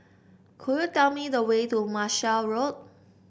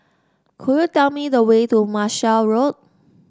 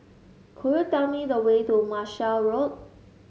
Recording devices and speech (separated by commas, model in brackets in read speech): boundary microphone (BM630), standing microphone (AKG C214), mobile phone (Samsung S8), read sentence